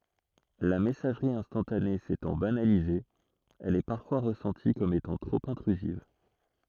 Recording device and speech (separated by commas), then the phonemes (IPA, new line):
throat microphone, read sentence
la mɛsaʒʁi ɛ̃stɑ̃tane setɑ̃ banalize ɛl ɛ paʁfwa ʁəsɑ̃ti kɔm etɑ̃ tʁop ɛ̃tʁyziv